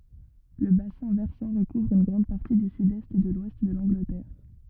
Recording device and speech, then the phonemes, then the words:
rigid in-ear microphone, read sentence
lə basɛ̃ vɛʁsɑ̃ ʁəkuvʁ yn ɡʁɑ̃d paʁti dy sydɛst e də lwɛst də lɑ̃ɡlətɛʁ
Le bassin versant recouvre une grande partie du sud-est et de l'ouest de l’Angleterre.

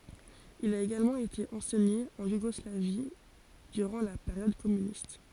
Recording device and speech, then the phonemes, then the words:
forehead accelerometer, read sentence
il a eɡalmɑ̃ ete ɑ̃sɛɲe ɑ̃ juɡɔslavi dyʁɑ̃ la peʁjɔd kɔmynist
Il a également été enseigné en Yougoslavie durant la période communiste.

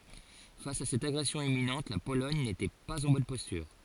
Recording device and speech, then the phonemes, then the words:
forehead accelerometer, read sentence
fas a sɛt aɡʁɛsjɔ̃ imminɑ̃t la polɔɲ netɛ paz ɑ̃ bɔn pɔstyʁ
Face à cette agression imminente, la Pologne n’était pas en bonne posture.

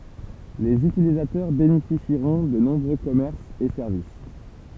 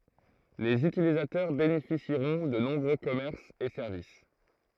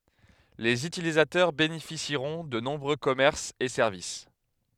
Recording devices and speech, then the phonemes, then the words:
temple vibration pickup, throat microphone, headset microphone, read sentence
lez ytilizatœʁ benefisiʁɔ̃ də nɔ̃bʁø kɔmɛʁsz e sɛʁvis
Les utilisateurs bénéficieront de nombreux commerces et services.

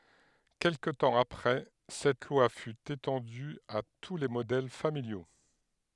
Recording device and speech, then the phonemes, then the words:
headset microphone, read sentence
kɛlkə tɑ̃ apʁɛ sɛt lwa fy etɑ̃dy a tu le modɛl familjo
Quelque temps après cette loi fut étendue à tous les modèles familiaux.

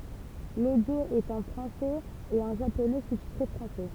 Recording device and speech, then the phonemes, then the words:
temple vibration pickup, read sentence
lodjo ɛt ɑ̃ fʁɑ̃sɛz e ɑ̃ ʒaponɛ sustitʁe fʁɑ̃sɛ
L'audio est en français et en japonais sous-titré français.

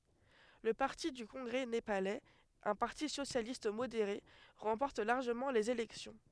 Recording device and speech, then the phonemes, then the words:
headset microphone, read sentence
lə paʁti dy kɔ̃ɡʁɛ nepalɛz œ̃ paʁti sosjalist modeʁe ʁɑ̃pɔʁt laʁʒəmɑ̃ lez elɛksjɔ̃
Le parti du congrès népalais, un parti socialiste modéré, remporte largement les élections.

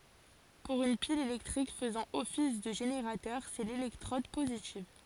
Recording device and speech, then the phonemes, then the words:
forehead accelerometer, read sentence
puʁ yn pil elɛktʁik fəzɑ̃ ɔfis də ʒeneʁatœʁ sɛ lelɛktʁɔd pozitiv
Pour une pile électrique faisant office de générateur, c'est l'électrode positive.

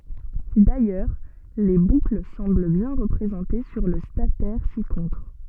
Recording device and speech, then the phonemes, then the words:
soft in-ear microphone, read sentence
dajœʁ le bukl sɑ̃bl bjɛ̃ ʁəpʁezɑ̃te syʁ lə statɛʁ sikɔ̃tʁ
D'ailleurs, les boucles semblent bien représentées sur le statère ci-contre.

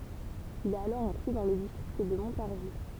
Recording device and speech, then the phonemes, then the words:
temple vibration pickup, read sentence
il ɛt alɔʁ ɛ̃kly dɑ̃ lə distʁikt də mɔ̃taʁʒi
Il est alors inclus dans le district de Montargis.

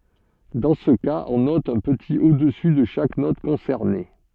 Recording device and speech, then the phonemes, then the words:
soft in-ear microphone, read sentence
dɑ̃ sə kaz ɔ̃ nɔt œ̃ pətit odəsy də ʃak nɔt kɔ̃sɛʁne
Dans ce cas, on note un petit au-dessus de chaque note concernée.

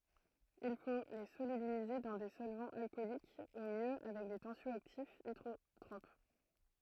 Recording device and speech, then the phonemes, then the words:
throat microphone, read sentence
il fo le solybilize dɑ̃ de sɔlvɑ̃z alkɔlik u mjø avɛk de tɑ̃sjɔaktifz idʁotʁop
Il faut les solubiliser dans des solvants alcooliques ou mieux avec des tensio-actifs hydrotropes.

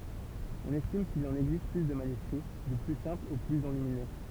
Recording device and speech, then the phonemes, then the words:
temple vibration pickup, read sentence
ɔ̃n ɛstim kil ɑ̃n ɛɡzist ply də manyskʁi dy ply sɛ̃pl o plyz ɑ̃lymine
On estime qu'il en existe plus de manuscrits, du plus simple au plus enluminé.

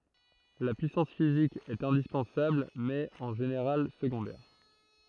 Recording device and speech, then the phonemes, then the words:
throat microphone, read sentence
la pyisɑ̃s fizik ɛt ɛ̃dispɑ̃sabl mɛz ɛt ɑ̃ ʒeneʁal səɡɔ̃dɛʁ
La puissance physique est indispensable mais est en général secondaire.

